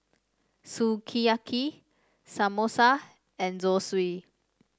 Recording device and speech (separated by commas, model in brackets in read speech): standing microphone (AKG C214), read sentence